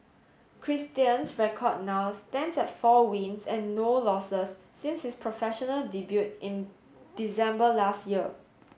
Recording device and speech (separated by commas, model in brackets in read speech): mobile phone (Samsung S8), read sentence